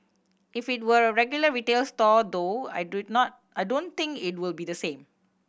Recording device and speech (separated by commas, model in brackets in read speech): boundary microphone (BM630), read sentence